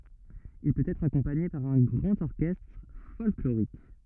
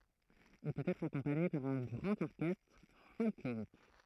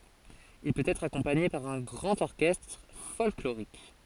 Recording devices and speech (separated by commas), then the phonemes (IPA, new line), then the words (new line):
rigid in-ear microphone, throat microphone, forehead accelerometer, read sentence
il pøt ɛtʁ akɔ̃paɲe paʁ œ̃ ɡʁɑ̃t ɔʁkɛstʁ fɔlkloʁik
Il peut être accompagné par un grand orchestre folklorique.